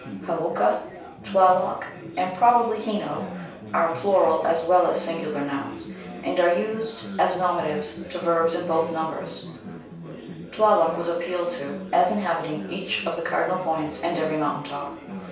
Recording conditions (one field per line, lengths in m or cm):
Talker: one person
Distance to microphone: 3.0 m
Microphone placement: far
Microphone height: 1.8 m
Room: small (3.7 m by 2.7 m)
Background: babble